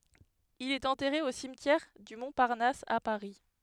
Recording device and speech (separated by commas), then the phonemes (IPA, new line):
headset microphone, read sentence
il ɛt ɑ̃tɛʁe o simtjɛʁ dy mɔ̃paʁnas a paʁi